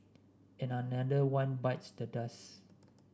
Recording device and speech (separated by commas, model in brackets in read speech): standing microphone (AKG C214), read sentence